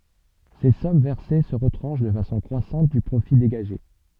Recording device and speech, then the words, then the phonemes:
soft in-ear microphone, read sentence
Ces sommes versées se retranchent de façon croissante du profit dégagé.
se sɔm vɛʁse sə ʁətʁɑ̃ʃ də fasɔ̃ kʁwasɑ̃t dy pʁofi deɡaʒe

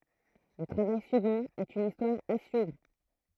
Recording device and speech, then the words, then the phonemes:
throat microphone, read sentence
Le travail suivant est une histoire à suivre.
lə tʁavaj syivɑ̃ ɛt yn istwaʁ a syivʁ

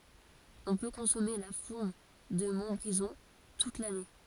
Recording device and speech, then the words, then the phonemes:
forehead accelerometer, read sentence
On peut consommer la fourme de Montbrison toute l'année.
ɔ̃ pø kɔ̃sɔme la fuʁm də mɔ̃tbʁizɔ̃ tut lane

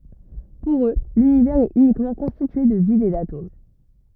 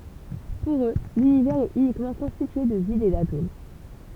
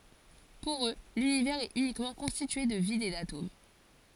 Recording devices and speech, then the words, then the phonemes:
rigid in-ear microphone, temple vibration pickup, forehead accelerometer, read sentence
Pour eux, l'Univers est uniquement constitué de vide et d'atomes.
puʁ ø lynivɛʁz ɛt ynikmɑ̃ kɔ̃stitye də vid e datom

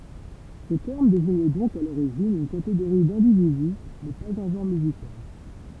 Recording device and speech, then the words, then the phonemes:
temple vibration pickup, read sentence
Ce terme désigne donc à l'origine une catégorie d'individu mais pas un genre musical.
sə tɛʁm deziɲ dɔ̃k a loʁiʒin yn kateɡoʁi dɛ̃dividy mɛ paz œ̃ ʒɑ̃ʁ myzikal

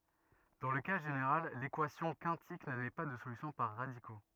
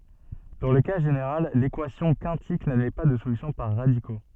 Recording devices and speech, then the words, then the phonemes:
rigid in-ear microphone, soft in-ear microphone, read sentence
Dans le cas général, l'équation quintique n'admet pas de solution par radicaux.
dɑ̃ lə ka ʒeneʁal lekwasjɔ̃ kɛ̃tik nadmɛ pa də solysjɔ̃ paʁ ʁadiko

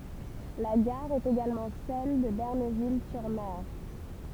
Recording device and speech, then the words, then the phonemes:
temple vibration pickup, read sentence
La gare est également celle de Benerville-sur-Mer.
la ɡaʁ ɛt eɡalmɑ̃ sɛl də bənɛʁvil syʁ mɛʁ

